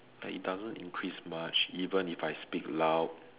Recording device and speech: telephone, conversation in separate rooms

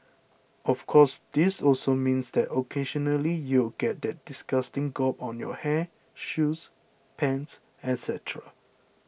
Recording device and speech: boundary microphone (BM630), read sentence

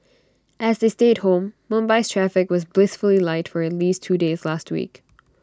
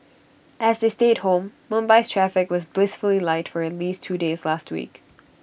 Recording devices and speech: standing microphone (AKG C214), boundary microphone (BM630), read sentence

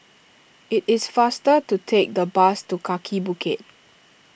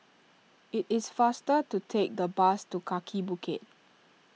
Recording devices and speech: boundary microphone (BM630), mobile phone (iPhone 6), read sentence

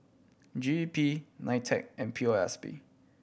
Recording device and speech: boundary microphone (BM630), read sentence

